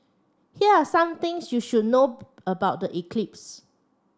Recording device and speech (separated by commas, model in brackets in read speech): standing microphone (AKG C214), read sentence